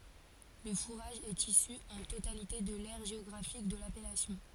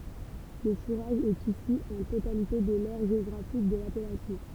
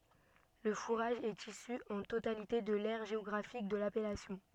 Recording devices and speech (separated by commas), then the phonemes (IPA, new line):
forehead accelerometer, temple vibration pickup, soft in-ear microphone, read sentence
lə fuʁaʒ ɛt isy ɑ̃ totalite də lɛʁ ʒeɔɡʁafik də lapɛlasjɔ̃